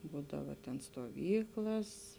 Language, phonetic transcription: Lithuanian, ˈbūdava ten stoˈvyklas

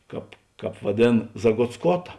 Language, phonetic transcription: Lithuanian, ˈkāp ˈkāp vaˈdėn zagotsˈkota

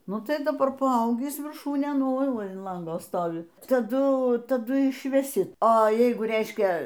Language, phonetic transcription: Lithuanian, ˈnu ˈtai daˈbar paˈaugįs virˈšūnėn ˈoi ˈva in ˈlango ˈstovi taˈdu taˈdu išveˈsi oˈjeigu ˈreiškia

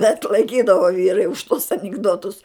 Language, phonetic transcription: Lithuanian, bet laiˈkydavo ˈvyrai už tuos anikˈdotus

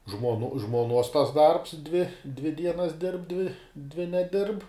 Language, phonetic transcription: Lithuanian, žmonu žmuoˈnuos tas darbs dvi dvi ˈdienas dirb dvi dvi neˈdirb

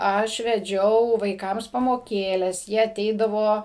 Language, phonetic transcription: Lithuanian, ˈaš veˈdžiau vaiˈkams pamoˈkėles ˈjie aˈteidavo

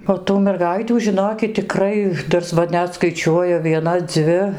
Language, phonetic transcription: Lithuanian, o tų merˈgaitių žiˈnokit tiˈkrai ˈtas ˈva ˈnet skaiˈčiuoju vieˈna ˈdzvi

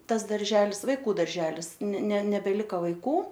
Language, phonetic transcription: Lithuanian, ˈtas darˈželis vaiˈkų darˈželis ne ne nebeˈlika vaiˈkų

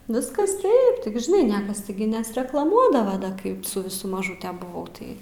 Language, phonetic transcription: Lithuanian, ˈviskas ˈtaip tik žiˈnai ˈniekas tiˈgi nesreklaˈmuodava ˈkaip su viˈsu maˈžūte buˈvau ˈtai

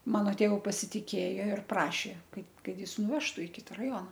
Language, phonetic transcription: Lithuanian, ˈmano ˈtėvu pasitiˈkėjo ir ˈprašė ˈkad ˈkad ˈjis nuˈvežtu i ˈkita raˈjona

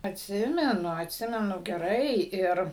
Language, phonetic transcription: Lithuanian, atˈsimenu atˈsimenu geˈrai ˈir

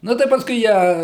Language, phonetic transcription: Lithuanian, ˈnu tai ˈpaskui ˈją

